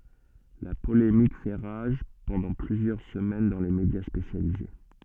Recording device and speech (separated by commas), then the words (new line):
soft in-ear microphone, read sentence
La polémique fait rage pendant plusieurs semaines dans les médias spécialisés.